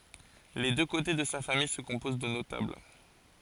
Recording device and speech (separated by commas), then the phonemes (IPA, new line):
forehead accelerometer, read sentence
le dø kote də sa famij sə kɔ̃poz də notabl